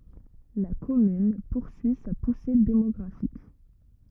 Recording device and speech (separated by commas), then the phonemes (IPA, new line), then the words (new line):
rigid in-ear microphone, read sentence
la kɔmyn puʁsyi sa puse demɔɡʁafik
La commune poursuit sa poussée démographique.